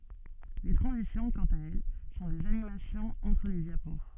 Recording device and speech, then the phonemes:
soft in-ear microphone, read sentence
le tʁɑ̃zisjɔ̃ kɑ̃t a ɛl sɔ̃ dez animasjɔ̃z ɑ̃tʁ le djapo

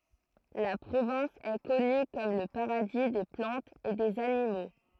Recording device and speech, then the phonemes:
throat microphone, read sentence
la pʁovɛ̃s ɛ kɔny kɔm lə paʁadi de plɑ̃tz e dez animo

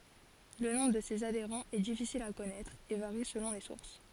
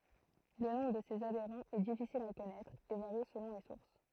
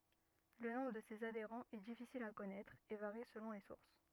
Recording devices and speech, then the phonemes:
forehead accelerometer, throat microphone, rigid in-ear microphone, read sentence
lə nɔ̃bʁ də sez adeʁɑ̃z ɛ difisil a kɔnɛtʁ e vaʁi səlɔ̃ le suʁs

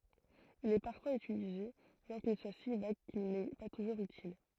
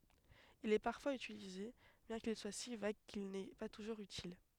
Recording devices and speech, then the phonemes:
throat microphone, headset microphone, read sentence
il ɛ paʁfwaz ytilize bjɛ̃ kil swa si vaɡ kil nɛ pa tuʒuʁz ytil

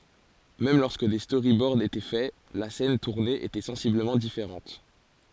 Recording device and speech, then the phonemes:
forehead accelerometer, read sentence
mɛm lɔʁskə de stoʁibɔʁd etɛ fɛ la sɛn tuʁne etɛ sɑ̃sibləmɑ̃ difeʁɑ̃t

